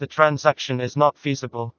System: TTS, vocoder